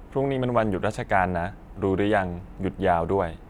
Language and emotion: Thai, neutral